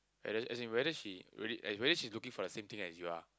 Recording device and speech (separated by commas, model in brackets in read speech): close-talking microphone, conversation in the same room